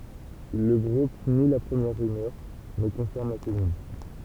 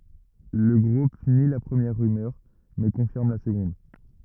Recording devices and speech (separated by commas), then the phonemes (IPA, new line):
temple vibration pickup, rigid in-ear microphone, read sentence
lə ɡʁup ni la pʁəmjɛʁ ʁymœʁ mɛ kɔ̃fiʁm la səɡɔ̃d